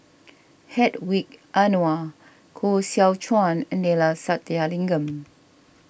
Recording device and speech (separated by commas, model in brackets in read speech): boundary microphone (BM630), read sentence